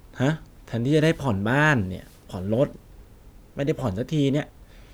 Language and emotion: Thai, frustrated